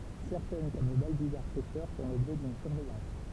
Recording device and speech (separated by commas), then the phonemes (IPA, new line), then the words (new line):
temple vibration pickup, read sentence
sɛʁtɛn kɔm lə balbyzaʁ pɛʃœʁ fɔ̃ lɔbʒɛ dyn syʁvɛjɑ̃s
Certaines comme le balbuzard pêcheur font l’objet d’une surveillance.